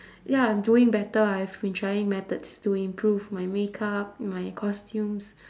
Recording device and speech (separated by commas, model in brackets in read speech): standing microphone, conversation in separate rooms